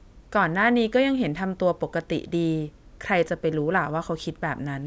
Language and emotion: Thai, neutral